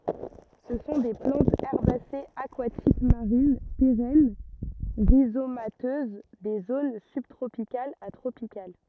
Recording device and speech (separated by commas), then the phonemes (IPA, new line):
rigid in-ear microphone, read sentence
sə sɔ̃ de plɑ̃tz ɛʁbasez akwatik maʁin peʁɛn ʁizomatøz de zon sybtʁopikalz a tʁopikal